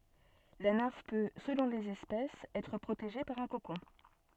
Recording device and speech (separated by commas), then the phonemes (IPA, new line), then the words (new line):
soft in-ear microphone, read sentence
la nɛ̃f pø səlɔ̃ lez ɛspɛsz ɛtʁ pʁoteʒe paʁ œ̃ kokɔ̃
La nymphe peut, selon les espèces, être protégée par un cocon.